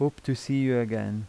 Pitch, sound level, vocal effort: 125 Hz, 83 dB SPL, normal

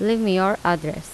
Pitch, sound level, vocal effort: 190 Hz, 84 dB SPL, normal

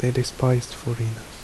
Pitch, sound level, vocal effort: 120 Hz, 70 dB SPL, soft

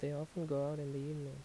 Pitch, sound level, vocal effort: 145 Hz, 78 dB SPL, soft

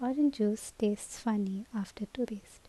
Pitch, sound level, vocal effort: 215 Hz, 74 dB SPL, soft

